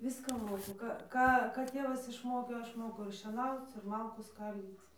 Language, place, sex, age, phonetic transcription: Lithuanian, Dzūkija, female, 18-60, ˈviską ˈmoku ˈką ˈką ˈtėvas išˈmokė ˈaš ˈmoku ir šieˈnauc ir ˈmalkų ˈskaldyc

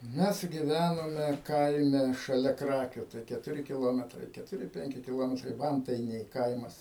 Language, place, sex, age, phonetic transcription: Lithuanian, Aukštaitija, male, 60+, ˈmes giˈvænome ˈkaime šaˈlia ˈkrakiu tai ketuˈri kiˈlometrai ketuˈri ˈpenki kiˈlometrai ˈvantainiai ˈkaimas

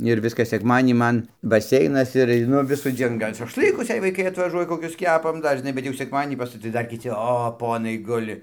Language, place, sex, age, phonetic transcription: Lithuanian, Dzūkija, male, 60+, ir ˈviskas sekˈmadienį ˈman baˈseinas ir aiˈnu visųˈdzien ˈgal' šašˈlɨkus jei vaiˈkai atvaˈžuoja koˈkius ˈkepam ˈdar žiˈnai bet jau sekˈmadienį pas tai ˈdar kiˈci ˈo ˈponai ˈguli

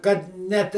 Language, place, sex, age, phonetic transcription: Lithuanian, Žemaitija, male, 60+, kad ˈnet

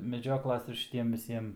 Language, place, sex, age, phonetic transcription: Lithuanian, Aukštaitija, male, 18-60, meˈdžioklas ir šiˈtiem viˈsiem

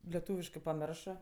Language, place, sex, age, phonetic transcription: Lithuanian, Aukštaitija, female, 18-60, leˈtūviškɜ paˈmiršɜ

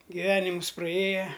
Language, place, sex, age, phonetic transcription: Lithuanian, Aukštaitija, male, 60+, giˈvenimus praˈėja

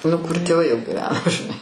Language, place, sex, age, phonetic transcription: Lithuanian, Aukštaitija, female, 60+, nu kur tėˈvai jau giˈveno žiˈnai

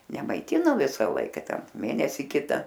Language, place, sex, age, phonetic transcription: Lithuanian, Aukštaitija, female, 60+, nemaiˈtino ˈvisa ˈlaika ˈten ˈmėnesi ˈkita

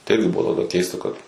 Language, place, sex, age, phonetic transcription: Lithuanian, Suvalkija, male, 18-60, tai ˈirgi ˈbuvo taˈdaˈkeista ˈkad

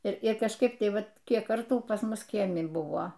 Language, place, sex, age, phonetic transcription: Lithuanian, Aukštaitija, female, 60+, tį ˈbuvo ˈbet ˈda ˈmes ˈbuvom viˈsi toˈkie maˈžiir ir kažˈkaip ˈtai ˈvat ˈkiek ˈkartų pas ˈmus ˈkiemi ˈbuvo

